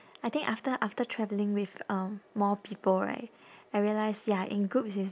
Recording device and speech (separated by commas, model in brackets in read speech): standing microphone, conversation in separate rooms